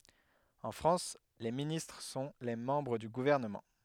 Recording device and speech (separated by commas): headset microphone, read sentence